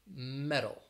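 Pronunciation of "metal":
In 'metal', the t sounds like a d.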